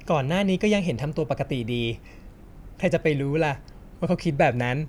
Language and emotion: Thai, frustrated